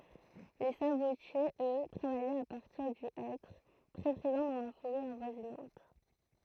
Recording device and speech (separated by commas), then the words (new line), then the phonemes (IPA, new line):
throat microphone, read sentence
Les sabotiers, eux, travaillaient à partir du hêtre, très présent dans la forêt avoisinante.
le sabotjez ø tʁavajɛt a paʁtiʁ dy ɛtʁ tʁɛ pʁezɑ̃ dɑ̃ la foʁɛ avwazinɑ̃t